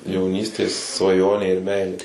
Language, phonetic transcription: Lithuanian, jauˈnystės svaˈjonė ir ˈmeilė

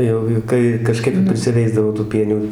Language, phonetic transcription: Lithuanian, ˈjaugi ˈkai kaˈžkaip ir prisiˈveisdavo tų ˈpienių

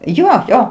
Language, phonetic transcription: Lithuanian, ˈjo ˈjo

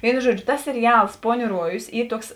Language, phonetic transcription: Lithuanian, ˈvėinu ˈžuodžiu tas seriˈals ˈpoˌnių ˈruojus ˈy ˈtuoks

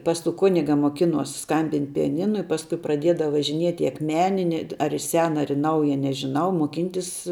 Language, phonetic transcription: Lithuanian, pas tų ˈkuniga moˈkinuos ˈskambint' pijaˈninu i ˈpaskui praˈdėdav važiˈniet' i akˈmeni ned ar i ˈsena ar i ˈnauja nežiˈnau moˈkyntis

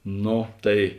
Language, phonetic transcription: Lithuanian, ˈno ˈtai

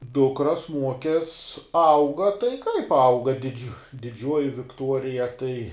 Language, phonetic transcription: Lithuanian, ˈdukras ˈmuokes ˈauga tai kaip ˈauga diˈdžiu diˈdžiuoji vikˈtuorija tai

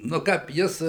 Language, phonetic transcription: Lithuanian, nu ˈkap ˈjis

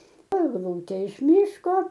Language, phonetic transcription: Lithuanian, egˈlūtė iš ˈmyško

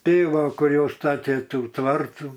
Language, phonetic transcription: Lithuanian, ˈtėˈvoˈkur jau ˈstatė ˈtų ˈtvartų

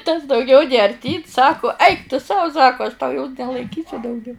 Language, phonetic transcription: Lithuanian, tas dauˈgiau nė arˈtyn ˈsaku ˈaik tu ˈsau ˈsaku aš tau jos nelaiˈkysiu dauˈgiau

